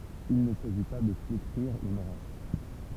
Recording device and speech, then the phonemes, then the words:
temple vibration pickup, read sentence
il nə saʒi pa də fletʁiʁ yn ʁas
Il ne s'agit pas de flétrir une race.

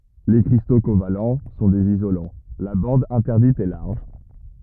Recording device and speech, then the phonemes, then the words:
rigid in-ear microphone, read sentence
le kʁisto koval sɔ̃ dez izolɑ̃ la bɑ̃d ɛ̃tɛʁdit ɛ laʁʒ
Les cristaux covalents sont des isolants, la bande interdite est large.

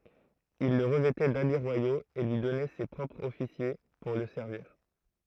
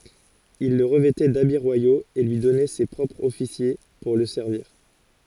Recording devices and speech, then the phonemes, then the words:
throat microphone, forehead accelerometer, read sentence
il lə ʁəvɛtɛ dabi ʁwajoz e lyi dɔnɛ se pʁɔpʁz ɔfisje puʁ lə sɛʁviʁ
Il le revêtait d’habits royaux et lui donnait ses propres officiers pour le servir.

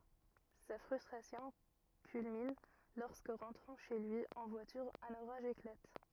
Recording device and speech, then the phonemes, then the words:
rigid in-ear microphone, read sentence
sa fʁystʁasjɔ̃ kylmin lɔʁskə ʁɑ̃tʁɑ̃ ʃe lyi ɑ̃ vwatyʁ œ̃n oʁaʒ eklat
Sa frustration culmine lorsque, rentrant chez lui en voiture, un orage éclate.

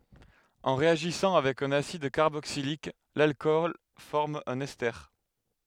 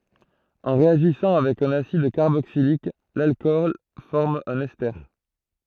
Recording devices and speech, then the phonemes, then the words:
headset microphone, throat microphone, read sentence
ɑ̃ ʁeaʒisɑ̃ avɛk œ̃n asid kaʁboksilik lalkɔl fɔʁm œ̃n ɛste
En réagissant avec un acide carboxylique, l'alcool forme un ester.

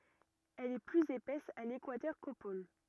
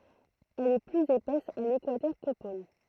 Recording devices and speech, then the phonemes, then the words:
rigid in-ear microphone, throat microphone, read sentence
ɛl ɛ plyz epɛs a lekwatœʁ ko pol
Elle est plus épaisse à l'équateur qu'aux pôles.

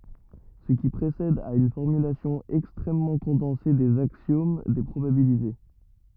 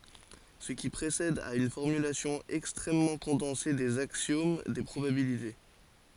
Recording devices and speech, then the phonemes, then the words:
rigid in-ear microphone, forehead accelerometer, read sentence
sə ki pʁesɛd ɛt yn fɔʁmylasjɔ̃ ɛkstʁɛmmɑ̃ kɔ̃dɑ̃se dez aksjom de pʁobabilite
Ce qui précède est une formulation extrêmement condensée des axiomes des probabilités.

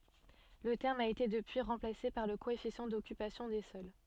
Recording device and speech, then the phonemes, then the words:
soft in-ear microphone, read sentence
lə tɛʁm a ete dəpyi ʁɑ̃plase paʁ lə koɛfisjɑ̃ dɔkypasjɔ̃ de sɔl
Le terme a été depuis remplacé par le coefficient d'occupation des sols.

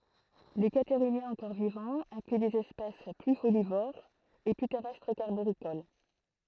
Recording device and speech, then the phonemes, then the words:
throat microphone, read sentence
le kataʁinjɛ̃z ɑ̃kɔʁ vivɑ̃z ɛ̃kly dez ɛspɛs ply folivoʁz e ply tɛʁɛstʁ kaʁboʁikol
Les Catarhiniens encore vivants incluent des espèces plus folivores et plus terrestres qu'arboricoles.

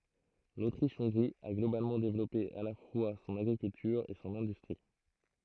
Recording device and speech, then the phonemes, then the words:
throat microphone, read sentence
lotʁiʃ ɔ̃ɡʁi a ɡlobalmɑ̃ devlɔpe a la fwa sɔ̃n aɡʁikyltyʁ e sɔ̃n ɛ̃dystʁi
L'Autriche-Hongrie a globalement développé à la fois son agriculture et son industrie.

